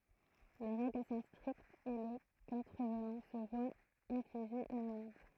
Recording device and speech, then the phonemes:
throat microphone, read sentence
le ʁɛɡl sɔ̃ stʁiktz e lə kɔ̃tʁəvnɑ̃ sə vwa ɛ̃fliʒe yn amɑ̃d

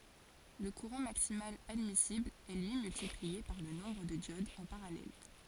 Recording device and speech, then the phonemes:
forehead accelerometer, read sentence
lə kuʁɑ̃ maksimal admisibl ɛ lyi myltiplie paʁ lə nɔ̃bʁ də djodz ɑ̃ paʁalɛl

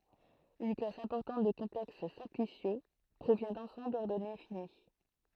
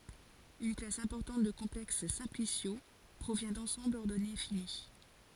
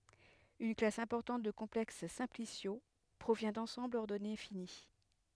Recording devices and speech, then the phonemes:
throat microphone, forehead accelerometer, headset microphone, read sentence
yn klas ɛ̃pɔʁtɑ̃t də kɔ̃plɛks sɛ̃plisjo pʁovjɛ̃ dɑ̃sɑ̃blz ɔʁdɔne fini

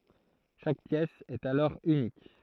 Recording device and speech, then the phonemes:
throat microphone, read sentence
ʃak pjɛs ɛt alɔʁ ynik

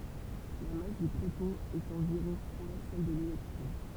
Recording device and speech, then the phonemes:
temple vibration pickup, read sentence
la mas dy pʁotɔ̃ ɛt ɑ̃viʁɔ̃ fwa sɛl də lelɛktʁɔ̃

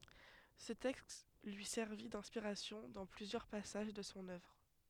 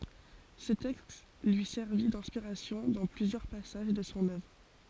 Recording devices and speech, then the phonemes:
headset microphone, forehead accelerometer, read sentence
sə tɛkst lyi sɛʁvi dɛ̃spiʁasjɔ̃ dɑ̃ plyzjœʁ pasaʒ də sɔ̃ œvʁ

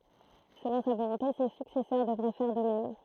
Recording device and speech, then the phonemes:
throat microphone, read sentence
səlɔ̃ sa volɔ̃te se syksɛsœʁ dəvʁɛ fɛʁ də mɛm

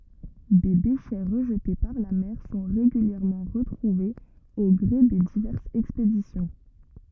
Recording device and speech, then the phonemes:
rigid in-ear microphone, read sentence
de deʃɛ ʁəʒte paʁ la mɛʁ sɔ̃ ʁeɡyljɛʁmɑ̃ ʁətʁuvez o ɡʁe de divɛʁsz ɛkspedisjɔ̃

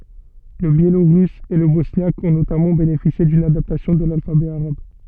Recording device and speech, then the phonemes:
soft in-ear microphone, read sentence
lə bjeloʁys e lə bɔsnjak ɔ̃ notamɑ̃ benefisje dyn adaptasjɔ̃ də lalfabɛ aʁab

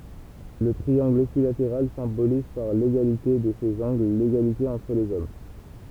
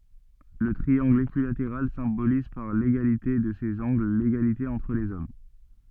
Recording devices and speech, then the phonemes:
temple vibration pickup, soft in-ear microphone, read sentence
lə tʁiɑ̃ɡl ekyilateʁal sɛ̃boliz paʁ leɡalite də sez ɑ̃ɡl leɡalite ɑ̃tʁ lez ɔm

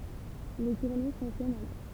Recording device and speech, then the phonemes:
temple vibration pickup, read sentence
le tuʁne sɑ̃ʃɛnt alɔʁ

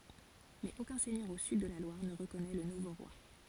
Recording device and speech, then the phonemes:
forehead accelerometer, read sentence
mɛz okœ̃ sɛɲœʁ o syd də la lwaʁ nə ʁəkɔnɛ lə nuvo ʁwa

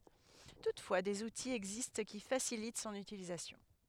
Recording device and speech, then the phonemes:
headset microphone, read sentence
tutfwa dez utiz ɛɡzist ki fasilit sɔ̃n ytilizasjɔ̃

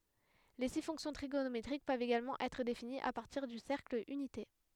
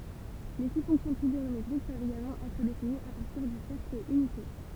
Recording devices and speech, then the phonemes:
headset microphone, temple vibration pickup, read sentence
le si fɔ̃ksjɔ̃ tʁiɡonometʁik pøvt eɡalmɑ̃ ɛtʁ definiz a paʁtiʁ dy sɛʁkl ynite

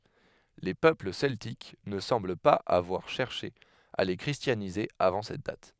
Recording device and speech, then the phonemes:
headset microphone, read sentence
le pøpl sɛltik nə sɑ̃bl paz avwaʁ ʃɛʁʃe a le kʁistjanize avɑ̃ sɛt dat

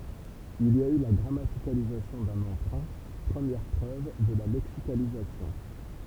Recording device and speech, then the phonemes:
temple vibration pickup, read sentence
il i a y la ɡʁamatikalizasjɔ̃ dœ̃n ɑ̃pʁœ̃ pʁəmjɛʁ pʁøv də la lɛksikalizasjɔ̃

